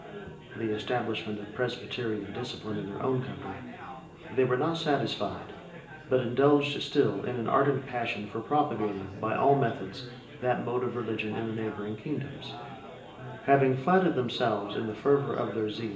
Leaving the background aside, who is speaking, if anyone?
One person.